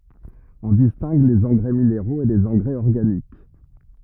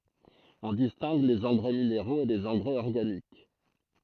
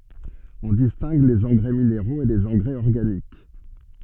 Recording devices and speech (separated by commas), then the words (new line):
rigid in-ear microphone, throat microphone, soft in-ear microphone, read sentence
On distingue les engrais minéraux et les engrais organiques.